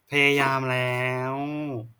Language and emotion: Thai, frustrated